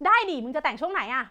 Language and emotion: Thai, happy